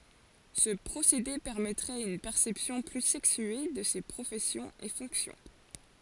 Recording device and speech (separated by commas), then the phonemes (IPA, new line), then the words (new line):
forehead accelerometer, read sentence
sə pʁosede pɛʁmɛtʁɛt yn pɛʁsɛpsjɔ̃ ply sɛksye də se pʁofɛsjɔ̃z e fɔ̃ksjɔ̃
Ce procédé permettrait une perception plus sexuée de ces professions et fonctions.